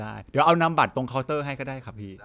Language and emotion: Thai, neutral